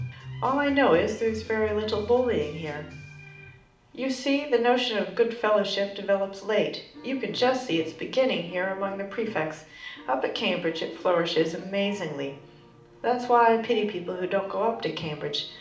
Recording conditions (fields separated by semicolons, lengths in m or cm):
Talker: one person; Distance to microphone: 2.0 m; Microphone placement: close; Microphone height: 99 cm; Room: medium-sized (5.7 m by 4.0 m); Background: music